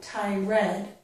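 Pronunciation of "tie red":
This is an incorrect way to say 'tired': it comes out as 'tie red', with a separate 'red', instead of 'tie erd'.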